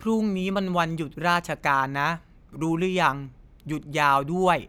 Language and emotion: Thai, neutral